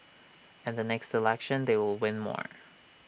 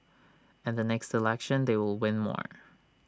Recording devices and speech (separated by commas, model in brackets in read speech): boundary microphone (BM630), standing microphone (AKG C214), read sentence